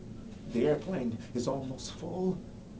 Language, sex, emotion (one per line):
English
male
fearful